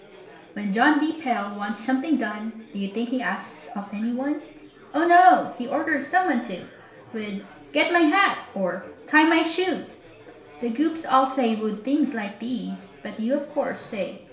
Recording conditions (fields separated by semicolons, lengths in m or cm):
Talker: one person; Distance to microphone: 1.0 m; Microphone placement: close; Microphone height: 1.1 m; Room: small (3.7 m by 2.7 m); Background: babble